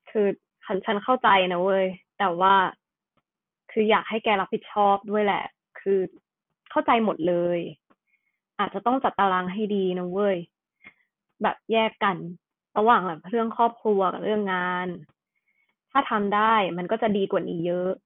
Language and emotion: Thai, frustrated